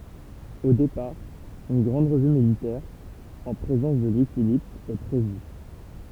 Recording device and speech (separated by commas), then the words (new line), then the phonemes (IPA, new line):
temple vibration pickup, read sentence
Au départ, une grande revue militaire en présence de Louis-Philippe est prévue.
o depaʁ yn ɡʁɑ̃d ʁəvy militɛʁ ɑ̃ pʁezɑ̃s də lwi filip ɛ pʁevy